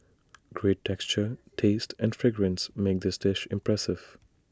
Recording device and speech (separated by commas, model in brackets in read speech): standing microphone (AKG C214), read sentence